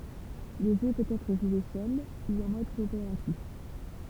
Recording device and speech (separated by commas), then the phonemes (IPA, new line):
temple vibration pickup, read sentence
lə ʒø pøt ɛtʁ ʒwe sœl u ɑ̃ mɔd kɔopeʁatif